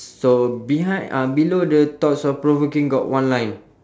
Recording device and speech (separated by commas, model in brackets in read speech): standing microphone, conversation in separate rooms